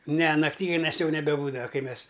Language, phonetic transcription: Lithuanian, ne naˈktygunes ˈjau nebeˈbūdava ˈkai ˈmes

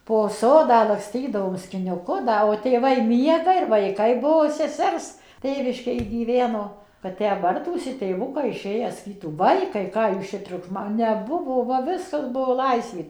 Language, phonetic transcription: Lithuanian, po ˈsodą lakˈstydavom skiniuˈku ˈda o tėˈvai ˈmiega ir vaiˈkai ˈbuo seˈsers ˈtėviškėj gyˈveno kad ˈtę ˈbartųsi tėvuˈkai iˈšėję saˈkytų ˈvaikai ˈką jūs ˈčia triukˈšma neˈbuvo ˈva ˈviskas ˈbuo ˈlaisvė

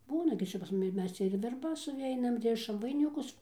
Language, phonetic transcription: Lithuanian, ˈbūna gi ˈčia pas ˈmumi ˈmes cia ir verˈbas suˈveinam ˈrišam vainiˈkus

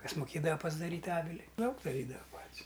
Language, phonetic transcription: Lithuanian, ˈkas muˈkėdava pasdaˈryt' ˈavili ˈdaug daˈrydava ˈpat's'

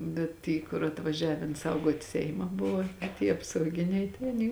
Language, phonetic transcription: Lithuanian, ˈbet ˈty kur atvaˈžiaven ˈsauguot' ˈseima ˈbuvo a tie apsauˈginiai tai aˈny

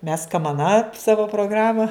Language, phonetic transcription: Lithuanian, mes kamaˈna ˈsavo proˈgrama

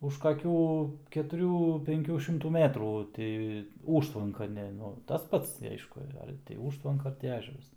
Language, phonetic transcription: Lithuanian, už kaˈkių ketuˈrių penˈkių šimˈtų ˈmetrų ˈti ˈūžtvanka ˈne tas ˈpats ti ˈaišku ˈar ti ˈūžtvanka ˈar ti ˈežeras

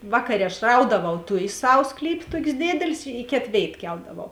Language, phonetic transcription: Lithuanian, ˈvakaˌrė aš ˈraudavau ˈtujės ˈsav ˈsklypė ˈtokės ˈdėdėlės i ˈkėt ˈvėit ˈkeldavau

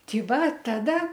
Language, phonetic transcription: Lithuanian, ˈtį ˈva ˈtada

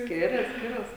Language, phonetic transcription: Lithuanian, ˈskirias ˈskiras

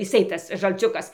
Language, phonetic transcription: Lithuanian, jiˈsai ˈtas žalˈciukas

